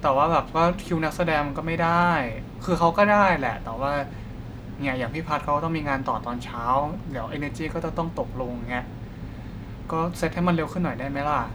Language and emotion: Thai, frustrated